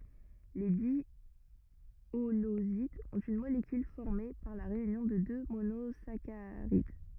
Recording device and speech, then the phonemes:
rigid in-ear microphone, read sentence
le djolozidz ɔ̃t yn molekyl fɔʁme paʁ la ʁeynjɔ̃ də dø monozakaʁid

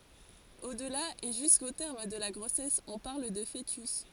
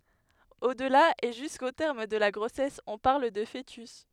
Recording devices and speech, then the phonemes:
forehead accelerometer, headset microphone, read sentence
odla e ʒysko tɛʁm də la ɡʁosɛs ɔ̃ paʁl də foətys

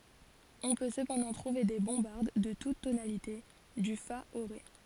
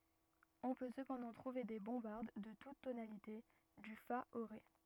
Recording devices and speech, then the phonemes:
forehead accelerometer, rigid in-ear microphone, read sentence
ɔ̃ pø səpɑ̃dɑ̃ tʁuve de bɔ̃baʁd də tut tonalite dy fa o ʁe

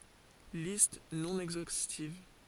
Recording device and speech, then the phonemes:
forehead accelerometer, read sentence
list nɔ̃ ɛɡzostiv

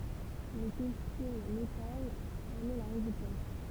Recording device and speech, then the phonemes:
temple vibration pickup, read sentence
lə kɔstym lokal ɑ̃n ɛ la ʁezyltɑ̃t

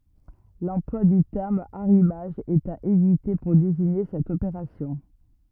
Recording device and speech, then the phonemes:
rigid in-ear microphone, read sentence
lɑ̃plwa dy tɛʁm aʁimaʒ ɛt a evite puʁ deziɲe sɛt opeʁasjɔ̃

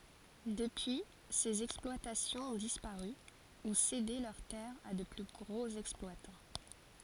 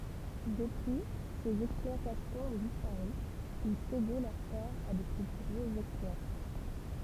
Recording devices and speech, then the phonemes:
forehead accelerometer, temple vibration pickup, read sentence
dəpyi sez ɛksplwatasjɔ̃z ɔ̃ dispaʁy u sede lœʁ tɛʁz a də ply ɡʁoz ɛksplwatɑ̃

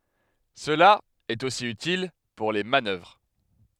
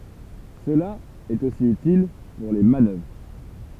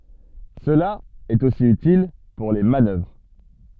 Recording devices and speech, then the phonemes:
headset microphone, temple vibration pickup, soft in-ear microphone, read sentence
səla ɛt osi ytil puʁ le manœvʁ

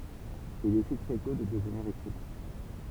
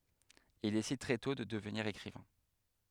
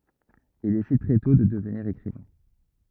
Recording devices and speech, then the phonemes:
temple vibration pickup, headset microphone, rigid in-ear microphone, read sentence
il desid tʁɛ tɔ̃ də dəvniʁ ekʁivɛ̃

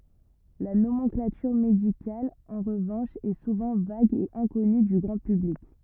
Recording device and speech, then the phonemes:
rigid in-ear microphone, read sentence
la nomɑ̃klatyʁ medikal ɑ̃ ʁəvɑ̃ʃ ɛ suvɑ̃ vaɡ e ɛ̃kɔny dy ɡʁɑ̃ pyblik

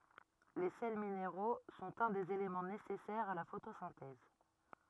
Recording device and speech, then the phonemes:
rigid in-ear microphone, read sentence
le sɛl mineʁo sɔ̃t œ̃ dez elemɑ̃ nesɛsɛʁz a la fotosɛ̃tɛz

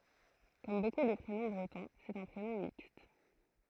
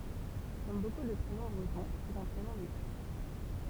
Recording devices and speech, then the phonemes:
throat microphone, temple vibration pickup, read sentence
kɔm boku də pʁenɔ̃ bʁətɔ̃ sɛt œ̃ pʁenɔ̃ mikst

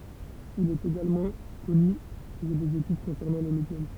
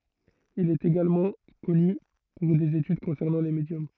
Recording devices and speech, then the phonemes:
temple vibration pickup, throat microphone, read sentence
il ɛt eɡalmɑ̃ kɔny puʁ dez etyd kɔ̃sɛʁnɑ̃ le medjɔm

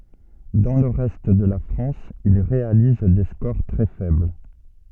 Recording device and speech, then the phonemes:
soft in-ear microphone, read sentence
dɑ̃ lə ʁɛst də la fʁɑ̃s il ʁealiz de skoʁ tʁɛ fɛbl

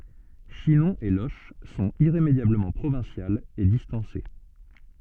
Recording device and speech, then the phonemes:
soft in-ear microphone, read sentence
ʃinɔ̃ e loʃ sɔ̃t iʁemedjabləmɑ̃ pʁovɛ̃sjalz e distɑ̃se

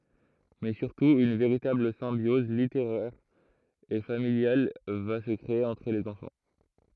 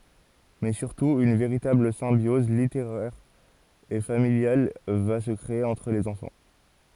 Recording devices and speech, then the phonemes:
throat microphone, forehead accelerometer, read sentence
mɛ syʁtu yn veʁitabl sɛ̃bjɔz liteʁɛʁ e familjal va sə kʁee ɑ̃tʁ lez ɑ̃fɑ̃

